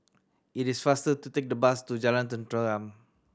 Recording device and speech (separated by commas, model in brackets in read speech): standing microphone (AKG C214), read sentence